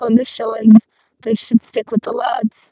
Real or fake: fake